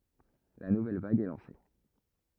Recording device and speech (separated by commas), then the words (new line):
rigid in-ear microphone, read sentence
La nouvelle vague est lancée.